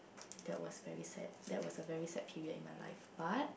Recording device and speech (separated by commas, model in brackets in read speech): boundary microphone, conversation in the same room